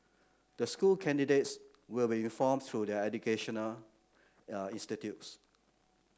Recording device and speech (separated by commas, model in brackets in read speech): close-talking microphone (WH30), read sentence